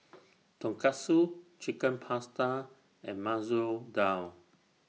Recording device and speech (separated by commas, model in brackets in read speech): mobile phone (iPhone 6), read sentence